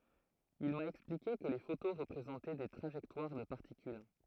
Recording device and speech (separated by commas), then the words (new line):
throat microphone, read sentence
Il m'a expliqué que les photos représentaient des trajectoires de particules.